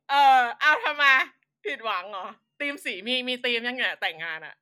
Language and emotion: Thai, happy